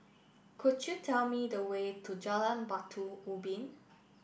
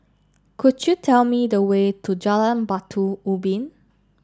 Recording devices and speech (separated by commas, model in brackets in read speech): boundary microphone (BM630), standing microphone (AKG C214), read sentence